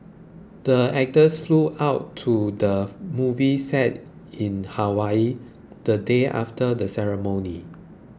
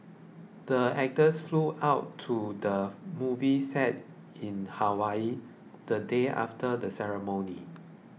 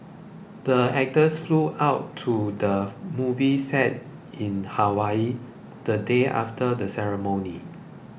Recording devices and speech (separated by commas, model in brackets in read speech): close-talking microphone (WH20), mobile phone (iPhone 6), boundary microphone (BM630), read sentence